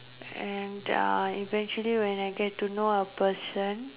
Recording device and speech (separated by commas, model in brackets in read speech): telephone, conversation in separate rooms